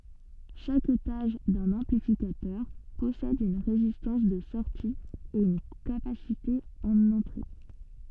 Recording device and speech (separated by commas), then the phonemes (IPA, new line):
soft in-ear microphone, read sentence
ʃak etaʒ dœ̃n ɑ̃plifikatœʁ pɔsɛd yn ʁezistɑ̃s də sɔʁti e yn kapasite ɑ̃n ɑ̃tʁe